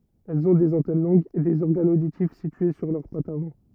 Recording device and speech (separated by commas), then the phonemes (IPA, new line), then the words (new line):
rigid in-ear microphone, read sentence
ɛlz ɔ̃ dez ɑ̃tɛn lɔ̃ɡz e dez ɔʁɡanz oditif sitye syʁ lœʁ patz avɑ̃
Elles ont des antennes longues, et des organes auditifs situés sur leurs pattes avant.